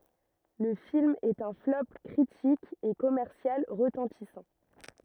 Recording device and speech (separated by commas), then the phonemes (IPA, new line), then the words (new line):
rigid in-ear microphone, read sentence
lə film ɛt œ̃ flɔp kʁitik e kɔmɛʁsjal ʁətɑ̃tisɑ̃
Le film est un flop critique et commercial retentissant.